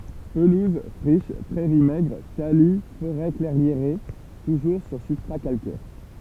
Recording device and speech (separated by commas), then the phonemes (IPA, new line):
temple vibration pickup, read sentence
pəluz fʁiʃ pʁɛʁi mɛɡʁ taly foʁɛ klɛʁjeʁe tuʒuʁ syʁ sybstʁa kalkɛʁ